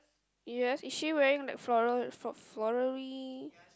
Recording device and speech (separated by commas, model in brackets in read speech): close-talking microphone, conversation in the same room